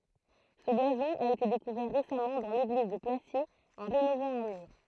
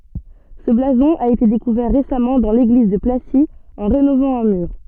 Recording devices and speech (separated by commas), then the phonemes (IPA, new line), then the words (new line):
throat microphone, soft in-ear microphone, read sentence
sə blazɔ̃ a ete dekuvɛʁ ʁesamɑ̃ dɑ̃ leɡliz də plasi ɑ̃ ʁenovɑ̃ œ̃ myʁ
Ce blason a été découvert récemment dans l'église de Placy en rénovant un mur.